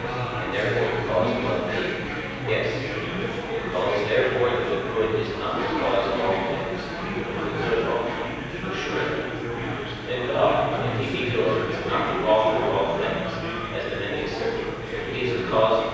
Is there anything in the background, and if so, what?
Crowd babble.